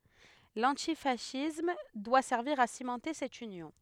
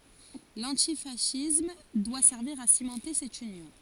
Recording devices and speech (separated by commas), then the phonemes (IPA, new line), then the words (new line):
headset microphone, forehead accelerometer, read sentence
lɑ̃tifasism dwa sɛʁviʁ a simɑ̃te sɛt ynjɔ̃
L'antifascisme doit servir à cimenter cette union.